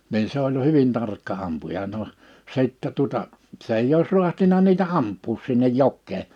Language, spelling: Finnish, niin se oli hyvin tarkka ampuja no sitten tuota se ei olisi raatsinut niitä ampua sinne jokeen
- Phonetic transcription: niin̬ se ‿oĺ "hyvin 'tarkka ampuja noʰ , 'sìttɛ tuᵒta , 's ‿eij ‿ois 'ru̬ahtina niitä 'amp̆puus sinnej 'jokkee .

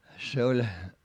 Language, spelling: Finnish, se oli
- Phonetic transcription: se oĺ , .

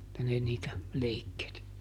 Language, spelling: Finnish, että ne niitä leikkeli
- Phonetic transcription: [et]tä ne niitä , ˈleikkeli .

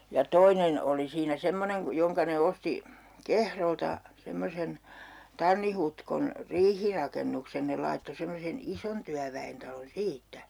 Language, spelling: Finnish, ja toinen oli siinä semmoinen - jonka ne osti Kehrolta semmoisen Tannin Hutkon riihirakennuksen ne laittoi semmoisen ison työväentalon siitä
- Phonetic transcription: ja 'toinen 'oli siinä 'semmoneŋ ku- , 'joŋka ne 'osti , "Kehrolta , 'semmosen , 'Tanni Hutkon , "riihirakennuksen 'ne laitto 'semmosen "ison tyävä₍entalon 'siittä .

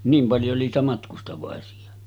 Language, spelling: Finnish, niin paljon oli niitä matkustavaisia
- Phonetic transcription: 'niim 'paljo oli niitä matkustavàesi₍a .

